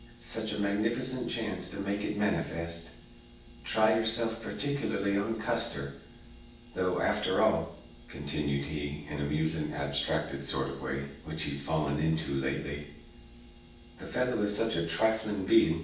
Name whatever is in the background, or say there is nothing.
Nothing.